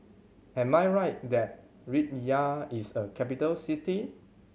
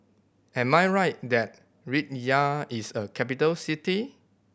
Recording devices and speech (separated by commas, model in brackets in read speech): mobile phone (Samsung C7100), boundary microphone (BM630), read sentence